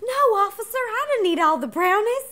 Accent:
Southern belle accent